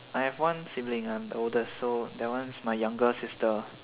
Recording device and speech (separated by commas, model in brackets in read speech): telephone, conversation in separate rooms